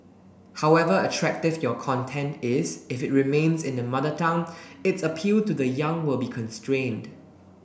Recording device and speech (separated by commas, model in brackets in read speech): boundary microphone (BM630), read sentence